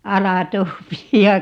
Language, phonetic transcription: Finnish, 'alatoopiijja ,.
- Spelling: aladobia

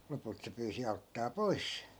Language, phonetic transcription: Finnish, 'lopult se pyysi 'auttaa "poi̮s .
- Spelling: lopulta se pyysi auttamaan pois

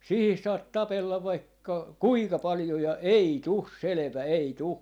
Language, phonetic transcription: Finnish, 'siihis saat "tapellav vaikka , "kuika 'paljo ja , "ei 'tus 'selᵉvä , 'ei 'tu .
- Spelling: siihen saat tapella vaikka kuinka paljon ja ei tule selvä ei tule

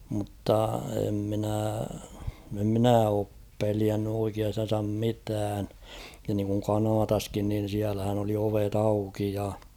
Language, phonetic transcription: Finnish, mᵘtta em minä̀ , em mⁱnä̀ oop 'peliänny oikiastan̬sam 'mitään , ja niiŋkuŋ 'Kanaataskin nin̬ siälähän ‿oli ovet ‿'auki ja .
- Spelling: mutta en minä en minä ole pelännyt oikeastaan mitään ja niin kuin Kanadassakin niin siellähän oli ovet auki ja

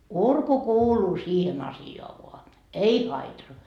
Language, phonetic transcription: Finnish, "urku "kuuluu 'siihen asi₍oa voa , "ei 'haitar .
- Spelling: urku kuuluu siihen asiaan vaan ei haitari

